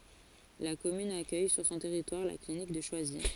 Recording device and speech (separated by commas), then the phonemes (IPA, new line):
forehead accelerometer, read sentence
la kɔmyn akœj syʁ sɔ̃ tɛʁitwaʁ la klinik də ʃwazi